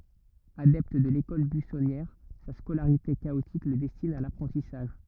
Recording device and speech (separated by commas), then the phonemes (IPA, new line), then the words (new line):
rigid in-ear microphone, read sentence
adɛpt də lekɔl byisɔnjɛʁ sa skolaʁite kaotik lə dɛstin a lapʁɑ̃tisaʒ
Adepte de l'école buissonnière, sa scolarité chaotique le destine à l'apprentissage.